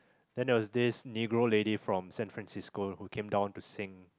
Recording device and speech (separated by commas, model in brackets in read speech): close-talking microphone, conversation in the same room